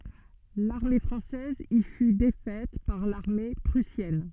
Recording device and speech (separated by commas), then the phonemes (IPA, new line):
soft in-ear microphone, read sentence
laʁme fʁɑ̃sɛz i fy defɛt paʁ laʁme pʁysjɛn